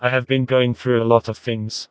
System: TTS, vocoder